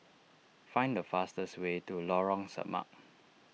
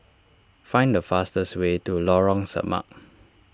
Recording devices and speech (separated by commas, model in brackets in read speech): mobile phone (iPhone 6), standing microphone (AKG C214), read sentence